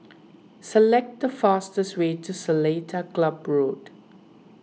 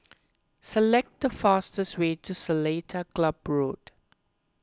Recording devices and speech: mobile phone (iPhone 6), close-talking microphone (WH20), read sentence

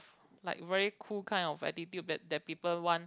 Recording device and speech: close-talking microphone, conversation in the same room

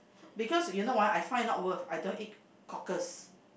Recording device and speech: boundary microphone, conversation in the same room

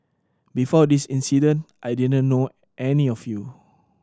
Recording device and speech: standing microphone (AKG C214), read sentence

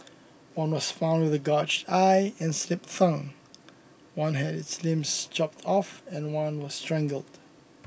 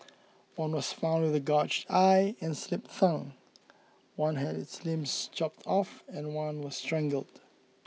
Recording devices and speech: boundary microphone (BM630), mobile phone (iPhone 6), read sentence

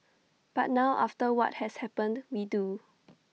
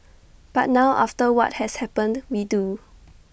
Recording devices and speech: mobile phone (iPhone 6), boundary microphone (BM630), read sentence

